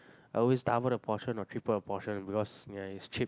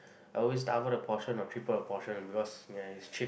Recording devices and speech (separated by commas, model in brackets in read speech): close-talking microphone, boundary microphone, conversation in the same room